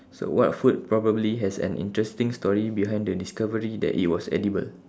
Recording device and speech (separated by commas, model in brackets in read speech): standing microphone, conversation in separate rooms